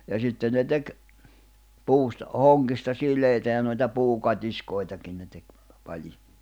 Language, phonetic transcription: Finnish, ja sitten ne 'tek , "puusta , 'hoŋɢista 'sil̀èitä ja noita 'puu'kat́iskòi̬takin ne tek , paĺi .
- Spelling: ja sitten ne teki puusta hongista sileitä ja noita puukatiskoitakin ne teki pali

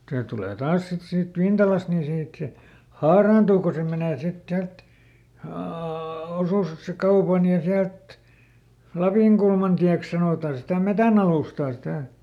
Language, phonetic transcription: Finnish, ˈse tulè ˈtaas sit siit "Vintalast ni ˈsiit se , "haaraantuu ko ˈse menè sit siält , oo- ˈosuskaupan ja ˈsiält , ˈLapìŋkulmantiäks ˈsanòta sitä "metänalùstaa sitä̀ .
- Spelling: se tulee taas sitten siitä Vintalasta niin siitä se haaraantuu kun se menee sitten sieltä - osuuskaupan ja sieltä Lapinkulmantieksi sanotaan sitä metsänalustaa sitä

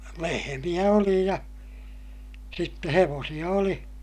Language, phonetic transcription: Finnish, lehemiʲä oli ja , sitte hevoosiʲa oli .
- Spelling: lehmiä oli ja sitten hevosia oli

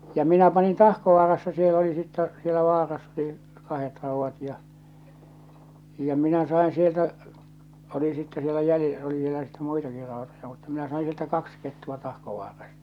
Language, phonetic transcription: Finnish, ja 'minä "panin "Tahkovaarassa siel ‿oli sittɛ , sielä 'vaarass ‿oli , "kahet 'ràuvvat ja , ja 'minä 'sain 'sieltä , oli sitte sielä jäli- , oli vielä sittᴇ 'muitaki 'ràotoja mutta minä saiḭ sieltä 'kaks kettu₍a 'Tahkovaarastᴀ .
- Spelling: ja minä panin Tahkovaarassa siellä oli sitten siellä vaarassa oli kahdet raudat ja ja minä sain sieltä oli sitten siellä - oli vielä sitten muitakin rautoja mutta minä sain sieltä kaksi kettua Tahkovaarasta

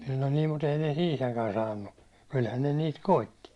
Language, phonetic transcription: Finnish, no nii mut ‿ei ne ('siitäkään) 'saannu , kylhän ne niit "koitti .
- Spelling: no niin mutta ei ne siitäkään saanut kyllähän ne niitä koetti

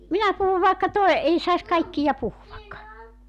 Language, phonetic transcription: Finnish, 'minä puhuv vàekka 'toe , 'ei sais 'kaikkija 'puhuvak .
- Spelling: minä puhun vaikka toden ei saisi kaikkia puhua

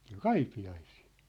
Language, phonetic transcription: Finnish, (sĭ)t ‿ol "Kaipi₍aisii .
- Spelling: sitä oli Kaipiaisiin

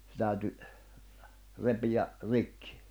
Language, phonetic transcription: Finnish, sᵉ tä̀yty , 'repijä , 'rikkɪ .
- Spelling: se täytyi repiä rikki

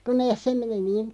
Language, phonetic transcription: Finnish, ku 'nees se meni niin ,.
- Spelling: kun ne se meni niin

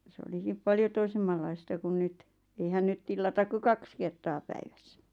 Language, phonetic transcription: Finnish, 'sĕ olikip "paljo 'toisemmallaista kun 'nyt , eihän 'nyt tillatak ku "kaks 'kertaa 'päivässä .
- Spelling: se olikin paljon toisenlaista kuin nyt eihän nyt tilata kuin kaksi kertaa päivässä

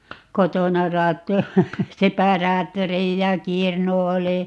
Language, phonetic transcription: Finnish, "kotona 'raatto- , "separaattorij 'ja "kirnu 'oli ,.
- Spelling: kotona - separaattori ja kirnu oli

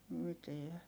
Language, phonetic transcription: Finnish, miteä .
- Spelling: mitään

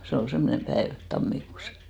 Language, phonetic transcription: Finnish, se ol 'semmonem 'päev , 'tammikuus .
- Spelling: se oli semmoinen päivä tammikuussa

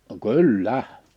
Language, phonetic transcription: Finnish, (no) "kyl"lä !
- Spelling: no kyllä

